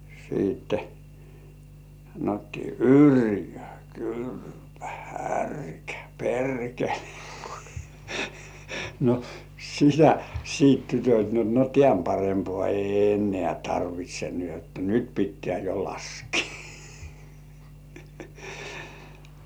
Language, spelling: Finnish, sitten sanottiin yrjö kyrpä härkä perkele no sitä sitten tytöt no no tämän parempaa ei enää tarvitse niin jotta nyt pitää jo laskea
- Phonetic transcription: siitte [sa]nottii » "yrjö "kyrpä "härkä "perkele « , no , sitä , 'siit tytöt not no » "tĕä̀m 'parempŏà ei ennĕä̀ 'tarvit́śe ni ‿ot "nyt 'pittĕä̀ jo 'laskɪɪ « .

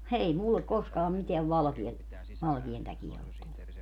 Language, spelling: Finnish, ei minulle koskaan mitään valkea valkean takia ole tullut
- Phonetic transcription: 'ei 'mullek 'koskaam 'miteäv 'valᵃkia , 'valkian täkiä (olet) tullu .

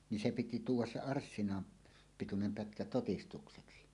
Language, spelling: Finnish, niin se piti tuoda se - arssinan pituinen pätkä todistukseksi
- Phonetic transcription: ni "se 'piti "tuuw̆was "se "arssina- , '-pitunem 'pätkä 'totistukseksi .

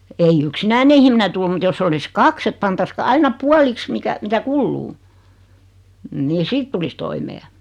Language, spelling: Finnish, ei yksinäinen ihminen tule mutta jos olisi kaksi että pantaisiin - aina puoliksi mikä mitä kuluu niin sitten tulisi toimeen
- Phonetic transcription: ei "yksinäine ihmine 'tul mut 'joss ‿olis "kaks ‿ett 'pantas ka- 'aina "pualiks 'mikä , 'mitä "kulluu , ni "sit tulis 'toimee .

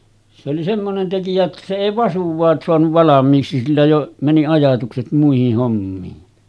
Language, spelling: Finnish, se oli semmoinen tekijä että se ei vasuaan saanut valmiiksi sillä jo meni ajatukset muihin hommiin
- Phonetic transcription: se oli semmonen 'tekijä että se 'èi "vasuv̆vaas soanuv 'valam̆miiksi sillä jo , mäni 'ajatukset muihih hommiin .

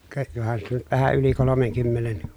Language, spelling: Finnish, ka johan siitä on nyt vähän yli kolmenkymmenen
- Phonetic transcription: ka , johan siit ‿on nyt vähä yli kolomeŋkymmenen .

